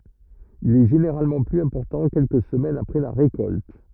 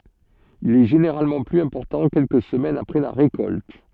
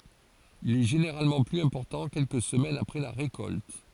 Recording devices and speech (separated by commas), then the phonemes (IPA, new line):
rigid in-ear microphone, soft in-ear microphone, forehead accelerometer, read sentence
il ɛ ʒeneʁalmɑ̃ plyz ɛ̃pɔʁtɑ̃ kɛlkə səmɛnz apʁɛ la ʁekɔlt